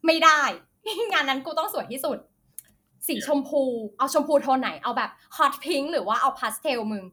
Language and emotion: Thai, happy